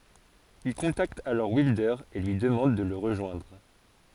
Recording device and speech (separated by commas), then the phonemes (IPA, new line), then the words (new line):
forehead accelerometer, read sentence
il kɔ̃takt alɔʁ wildœʁ e lyi dəmɑ̃d də lə ʁəʒwɛ̃dʁ
Il contacte alors Wilder et lui demande de le rejoindre.